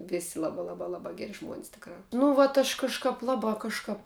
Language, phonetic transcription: Lithuanian, ˈvisi ˈlabā ˈlabā ˈlabā ˈgeri žmuon's' ˈtikrā nu ˈvat aš kažˈkāp ˈlabā ˈkažkāp

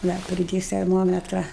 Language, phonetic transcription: Lithuanian, ˈna priˈdės terˈmometra

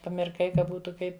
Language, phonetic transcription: Lithuanian, pamirˈkai ka ˈbūtu ˈkaip

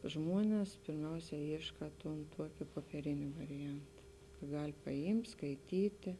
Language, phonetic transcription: Lithuanian, ˈžmuones pirˈmiausia ˈyška tun ˈtuokė popieˈrėnė variˈjant ˈgal' paˈimt' skaiˈtytė

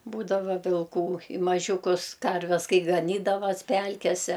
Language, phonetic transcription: Lithuanian, ˈbūdava vilˈkų i maˈžiūkus ˈkarves ˈkai gaˈnydavas ˈpælkese

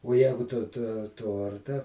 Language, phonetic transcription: Lithuanian, o ˈjegu tu to ˈtorta

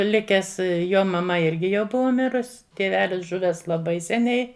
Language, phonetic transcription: Lithuanian, ˈlikes ˈjo maˈma ˈirgi jau ˈbuva ˈmirus tėˈvelis ˈžuvęs laˈbai seˈniai

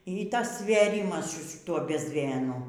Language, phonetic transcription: Lithuanian, y ˈtas svėˈrimas su šiˈtuo bezˈmėnu

